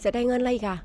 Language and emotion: Thai, frustrated